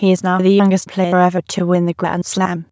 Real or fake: fake